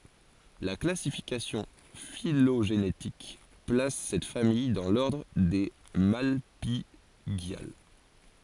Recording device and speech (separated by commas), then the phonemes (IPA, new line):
forehead accelerometer, read sentence
la klasifikasjɔ̃ filoʒenetik plas sɛt famij dɑ̃ lɔʁdʁ de malpiɡjal